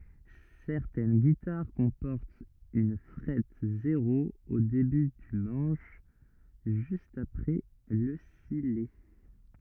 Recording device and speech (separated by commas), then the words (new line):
rigid in-ear microphone, read sentence
Certaines guitares comportent une frette zéro au début du manche, juste après le sillet.